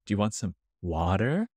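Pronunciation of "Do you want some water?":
'Do you want some water?' is said in an American accent.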